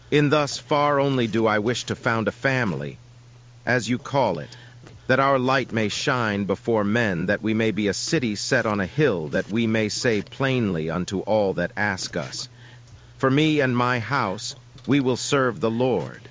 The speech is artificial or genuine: artificial